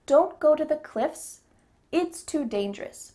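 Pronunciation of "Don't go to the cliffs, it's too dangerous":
There is a pause after 'cliffs', and 'cliffs' ends with an s sound.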